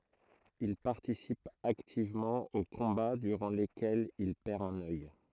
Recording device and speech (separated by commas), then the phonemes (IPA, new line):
throat microphone, read sentence
il paʁtisip aktivmɑ̃ o kɔ̃ba dyʁɑ̃ lekɛlz il pɛʁ œ̃n œj